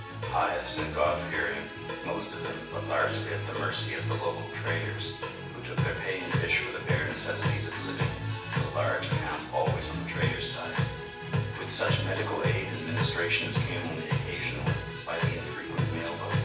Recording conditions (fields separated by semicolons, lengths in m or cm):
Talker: one person; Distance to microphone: 9.8 m; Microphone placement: far; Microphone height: 1.8 m; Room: large; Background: music